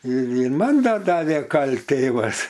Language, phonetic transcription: Lithuanian, ir ir ˈman ˈdar ˈdavė ˈkal't' ˈtėvas

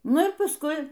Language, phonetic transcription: Lithuanian, ˈnu ir pasˈkui

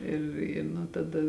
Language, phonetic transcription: Lithuanian, ˈir i nu taˈda

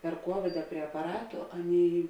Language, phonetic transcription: Lithuanian, per ˈkuovida prie apaˈratu ˈaˌnėi

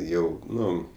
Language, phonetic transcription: Lithuanian, ˈjau ˈnu

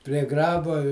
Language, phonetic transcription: Lithuanian, prie ˈgrabo i

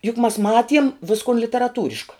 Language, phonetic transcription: Lithuanian, juk mas ˈmatiem ˈviskon literaˈtūriška

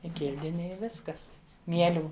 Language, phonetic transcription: Lithuanian, i ˈkildini i ˈviskas ˈmielių

